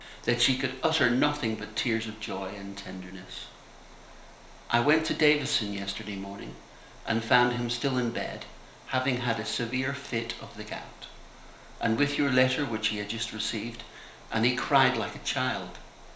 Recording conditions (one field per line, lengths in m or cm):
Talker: one person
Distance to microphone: 1.0 m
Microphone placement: close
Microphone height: 1.1 m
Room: small (3.7 m by 2.7 m)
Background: none